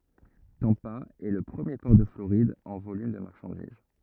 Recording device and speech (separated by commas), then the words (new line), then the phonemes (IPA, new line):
rigid in-ear microphone, read sentence
Tampa est le premier port de Floride en volume de marchandises.
tɑ̃pa ɛ lə pʁəmje pɔʁ də floʁid ɑ̃ volym də maʁʃɑ̃diz